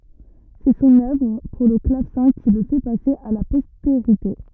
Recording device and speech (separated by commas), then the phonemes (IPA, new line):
rigid in-ear microphone, read sentence
sɛ sɔ̃n œvʁ puʁ lə klavsɛ̃ ki lə fɛ pase a la pɔsteʁite